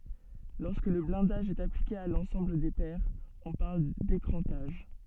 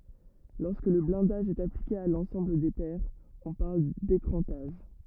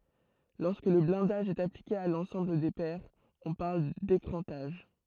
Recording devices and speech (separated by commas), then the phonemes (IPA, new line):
soft in-ear microphone, rigid in-ear microphone, throat microphone, read sentence
lɔʁskə lə blɛ̃daʒ ɛt aplike a lɑ̃sɑ̃bl de pɛʁz ɔ̃ paʁl dekʁɑ̃taʒ